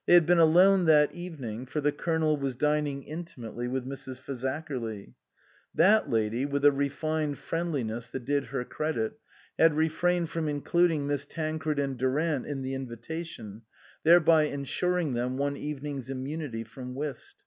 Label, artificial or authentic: authentic